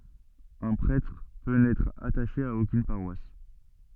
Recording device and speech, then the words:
soft in-ear microphone, read sentence
Un prêtre peut n'être attaché à aucune paroisse.

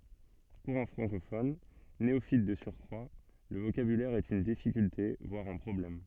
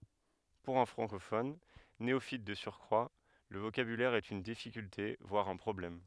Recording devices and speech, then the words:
soft in-ear microphone, headset microphone, read sentence
Pour un francophone, néophyte de surcroit, le vocabulaire est une difficulté voire un problème.

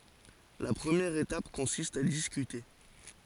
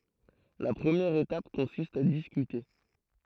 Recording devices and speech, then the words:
forehead accelerometer, throat microphone, read sentence
La première étape consiste à discuter.

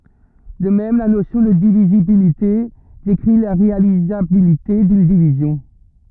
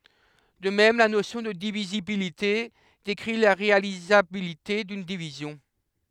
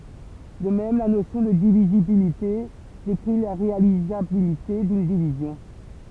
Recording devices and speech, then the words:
rigid in-ear microphone, headset microphone, temple vibration pickup, read sentence
De même, la notion de divisibilité décrit la réalisabilité d’une division.

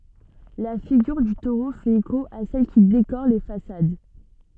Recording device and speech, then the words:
soft in-ear microphone, read sentence
La figure du taureau fait écho à celles qui décorent les façades.

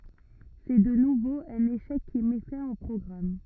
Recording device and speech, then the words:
rigid in-ear microphone, read sentence
C'est de nouveau un échec qui met fin au programme.

